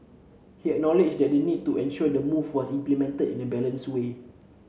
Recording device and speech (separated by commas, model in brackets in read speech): mobile phone (Samsung C7), read sentence